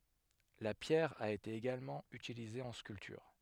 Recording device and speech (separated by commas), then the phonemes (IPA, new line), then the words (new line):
headset microphone, read sentence
la pjɛʁ a ete eɡalmɑ̃ ytilize ɑ̃ skyltyʁ
La pierre a été également utilisée en sculpture.